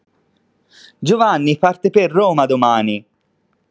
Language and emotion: Italian, surprised